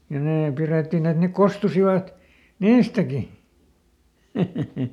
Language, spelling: Finnish, ja ne pidettiin että ne kostuisivat niistäkin
- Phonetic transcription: ja ˈnee ˈpirettin ‿et ne "kostusivat , "niistäki .

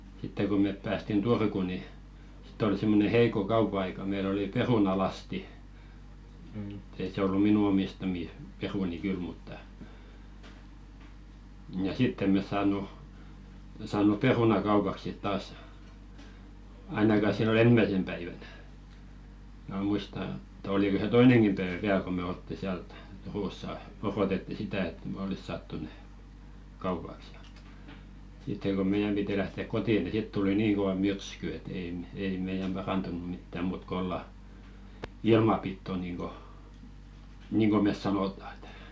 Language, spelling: Finnish, sitten kun me päästiin Turkuun niin sitten oli semmoinen heikko kauppa-aika meillä oli perunalasti mutta ei se ollut minun omistamia perunoita kyllä mutta ja sitten emme me saanut saanut perunaa kaupaksi sitten taas ainakaan silloin ensimmäisenä päivänä minä muista että oliko se toinenkin päivä vielä kun me oltiin siellä - Turussa odotettiin sitä että me olisi saatu ne kaupaksi ja sitten kun meidän piti lähteä kotiin niin sitten tuli niin kova myrsky että ei - ei meidän parantunut mitään muuta kuin olla ilman pitoa niin kuin niin kuin me sanotaan että
- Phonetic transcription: 'sitte ko mèp päästin "Turku ni , sɪt̆t ‿oli simmone "heiko 'kaupᵃ₍aika meil ‿oli 'perunalasti , ᵐ̥t ‿ei se 'ollu "minu omistamì , 'peruni 'kyl mutta , nja "sitt ‿em̆ mes 'saaǹu , saan̆nu "peruna 'kaupak sit 'taas , 'ainaka sillo"n ‿ensmäⁱsem päivänᴀ̈ , mää 'muista , ᵉtt ‿oliko se "toineŋkim päevä "viäl ko me 'oltti siäl t- , 'Turussa , 'orotetti "sitä et me "olis saattu ne , 'kaupaks ja , sitteŋ ɢo 'meijäm 'piti lähtèk "kotì ni 'sit tuli 'niiŋ kova "myrsky et ei mᵉ- , ei 'meijäm "ʙarantunu mittä 'muut 'k ‿olla , "ilma pitto niiŋko , niiŋko mes 'sanòta ᴇtᴀ̈ .

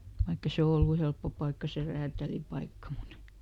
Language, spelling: Finnish, vaikka ei se ollut helppo paikka se räätälipaikka mutta
- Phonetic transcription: ˈvaikk ‿e "se ollu ˈhelppo paikka se ˈräätälipaikka mut ,.

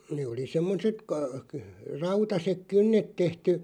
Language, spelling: Finnish, ne oli semmoiset - - rautaiset kynnet tehty
- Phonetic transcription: nee oli 'semmoset ka- kə- , 'rautasek "kynnet 'tehty .

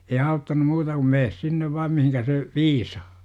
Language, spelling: Finnish, ei auttanut muuta kuin mene sinne vain mihin se viisaa
- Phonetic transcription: ei "auttanu muuta kum "mees 'sinnev vaam 'mihinkä se , "viisAA .

